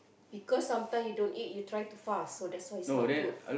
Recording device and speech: boundary microphone, conversation in the same room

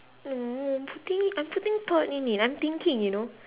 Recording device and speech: telephone, conversation in separate rooms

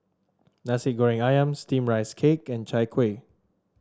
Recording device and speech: standing microphone (AKG C214), read sentence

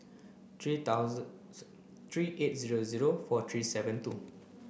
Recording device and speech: boundary microphone (BM630), read sentence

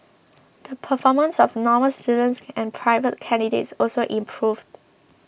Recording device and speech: boundary microphone (BM630), read sentence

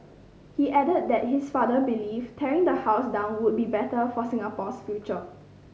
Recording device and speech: mobile phone (Samsung C5010), read sentence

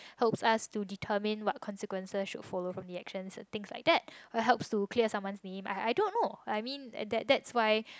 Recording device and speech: close-talking microphone, conversation in the same room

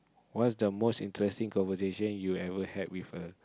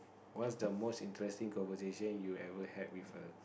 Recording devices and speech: close-talking microphone, boundary microphone, conversation in the same room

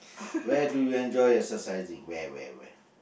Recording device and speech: boundary microphone, conversation in the same room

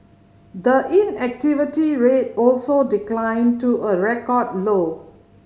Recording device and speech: mobile phone (Samsung C5010), read sentence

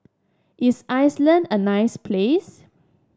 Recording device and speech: standing microphone (AKG C214), read sentence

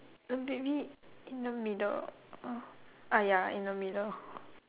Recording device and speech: telephone, conversation in separate rooms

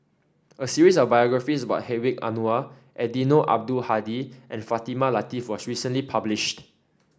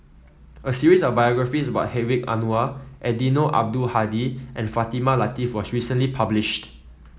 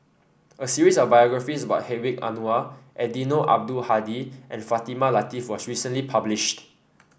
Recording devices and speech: standing microphone (AKG C214), mobile phone (iPhone 7), boundary microphone (BM630), read sentence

